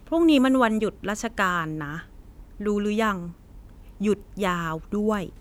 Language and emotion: Thai, frustrated